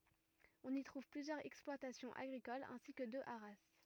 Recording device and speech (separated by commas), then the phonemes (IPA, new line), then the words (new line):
rigid in-ear microphone, read sentence
ɔ̃n i tʁuv plyzjœʁz ɛksplwatasjɔ̃z aɡʁikolz ɛ̃si kə dø aʁa
On y trouve plusieurs exploitations agricoles ainsi que deux haras.